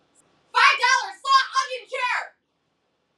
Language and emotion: English, angry